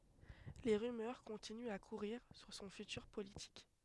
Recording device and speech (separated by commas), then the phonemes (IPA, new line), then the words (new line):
headset microphone, read sentence
le ʁymœʁ kɔ̃tinyt a kuʁiʁ syʁ sɔ̃ fytyʁ politik
Les rumeurs continuent à courir sur son futur politique.